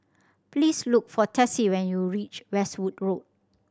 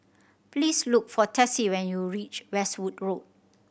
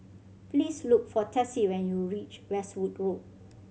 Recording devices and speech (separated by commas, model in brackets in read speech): standing microphone (AKG C214), boundary microphone (BM630), mobile phone (Samsung C7100), read sentence